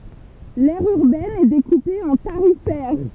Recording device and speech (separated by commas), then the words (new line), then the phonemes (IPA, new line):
temple vibration pickup, read sentence
L'aire urbaine est découpée en tarifaires.
lɛʁ yʁbɛn ɛ dekupe ɑ̃ taʁifɛʁ